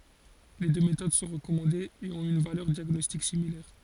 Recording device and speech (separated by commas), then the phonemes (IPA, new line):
forehead accelerometer, read sentence
le dø metod sɔ̃ ʁəkɔmɑ̃dez e ɔ̃t yn valœʁ djaɡnɔstik similɛʁ